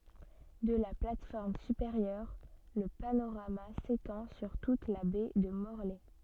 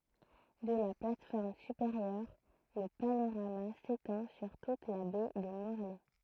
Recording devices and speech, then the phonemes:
soft in-ear microphone, throat microphone, read sentence
də la plat fɔʁm sypeʁjœʁ lə panoʁama setɑ̃ syʁ tut la bɛ də mɔʁlɛ

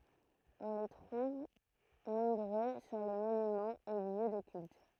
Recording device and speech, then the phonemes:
throat microphone, read sentence
ɔ̃ le tʁuv nɔ̃bʁø syʁ le monymɑ̃z e ljø də kylt

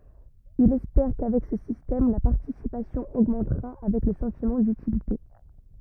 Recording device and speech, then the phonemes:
rigid in-ear microphone, read sentence
ilz ɛspɛʁ kavɛk sə sistɛm la paʁtisipasjɔ̃ oɡmɑ̃tʁa avɛk lə sɑ̃timɑ̃ dytilite

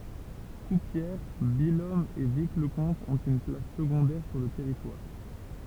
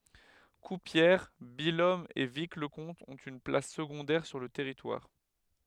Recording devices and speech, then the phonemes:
temple vibration pickup, headset microphone, read sentence
kuʁpjɛʁ bijɔm e vikləkɔ̃t ɔ̃t yn plas səɡɔ̃dɛʁ syʁ lə tɛʁitwaʁ

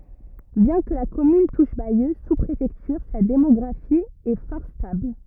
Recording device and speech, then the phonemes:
rigid in-ear microphone, read sentence
bjɛ̃ kə la kɔmyn tuʃ bajø su pʁefɛktyʁ sa demɔɡʁafi ɛ fɔʁ stabl

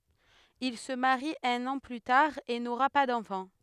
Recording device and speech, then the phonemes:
headset microphone, read sentence
il sə maʁi œ̃n ɑ̃ ply taʁ e noʁa pa dɑ̃fɑ̃

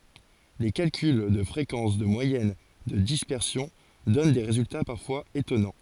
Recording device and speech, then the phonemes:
forehead accelerometer, read sentence
le kalkyl də fʁekɑ̃s də mwajɛn də dispɛʁsjɔ̃ dɔn de ʁezylta paʁfwaz etɔnɑ̃

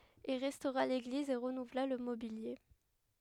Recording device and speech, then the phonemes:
headset microphone, read sentence
il ʁɛstoʁa leɡliz e ʁənuvla lə mobilje

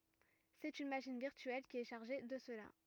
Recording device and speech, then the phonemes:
rigid in-ear microphone, read sentence
sɛt yn maʃin viʁtyɛl ki ɛ ʃaʁʒe də səla

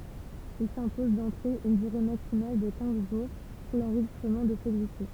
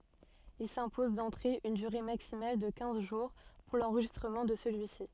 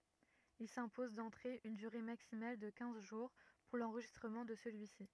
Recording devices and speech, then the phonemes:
temple vibration pickup, soft in-ear microphone, rigid in-ear microphone, read sentence
il sɛ̃pozɑ̃ dɑ̃tʁe yn dyʁe maksimal də kɛ̃z ʒuʁ puʁ lɑ̃ʁʒistʁəmɑ̃ də səlyisi

